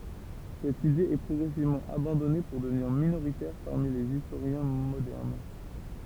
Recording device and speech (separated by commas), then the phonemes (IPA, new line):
temple vibration pickup, read sentence
sɛt ide ɛ pʁɔɡʁɛsivmɑ̃ abɑ̃dɔne puʁ dəvniʁ minoʁitɛʁ paʁmi lez istoʁjɛ̃ modɛʁn